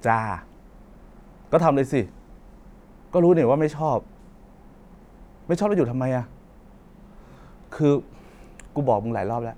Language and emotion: Thai, frustrated